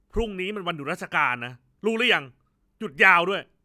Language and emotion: Thai, angry